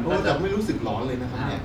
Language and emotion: Thai, neutral